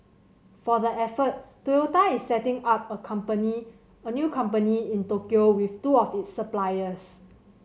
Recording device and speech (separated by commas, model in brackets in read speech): mobile phone (Samsung C7100), read sentence